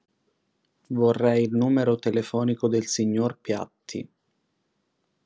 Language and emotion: Italian, sad